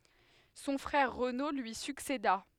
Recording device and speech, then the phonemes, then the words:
headset microphone, read sentence
sɔ̃ fʁɛʁ ʁəno lyi sykseda
Son frère Renaud lui succéda.

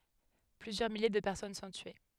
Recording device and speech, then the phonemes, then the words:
headset microphone, read sentence
plyzjœʁ milje də pɛʁsɔn sɔ̃ tye
Plusieurs milliers de personnes sont tuées..

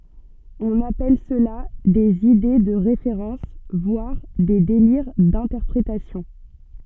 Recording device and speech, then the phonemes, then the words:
soft in-ear microphone, read sentence
ɔ̃n apɛl səla dez ide də ʁefeʁɑ̃s vwaʁ de deliʁ dɛ̃tɛʁpʁetasjɔ̃
On appelle cela des Idées de référence, voire des Délire d'interprétation.

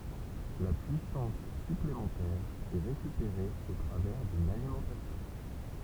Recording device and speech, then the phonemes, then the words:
temple vibration pickup, read sentence
la pyisɑ̃s syplemɑ̃tɛʁ ɛ ʁekypeʁe o tʁavɛʁ dyn alimɑ̃tasjɔ̃
La puissance supplémentaire est récupérée au travers d'une alimentation.

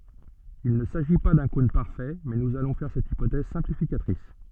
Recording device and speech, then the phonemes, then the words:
soft in-ear microphone, read sentence
il nə saʒi pa dœ̃ kɔ̃n paʁfɛ mɛ nuz alɔ̃ fɛʁ sɛt ipotɛz sɛ̃plifikatʁis
Il ne s'agit pas d'un cône parfait, mais nous allons faire cette hypothèse simplificatrice.

